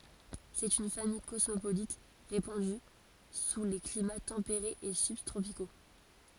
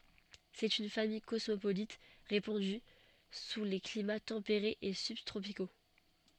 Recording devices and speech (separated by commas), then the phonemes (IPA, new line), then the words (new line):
forehead accelerometer, soft in-ear microphone, read sentence
sɛt yn famij kɔsmopolit ʁepɑ̃dy su le klima tɑ̃peʁez e sybtʁopiko
C'est une famille cosmopolite, répandue sous les climats tempérés et subtropicaux.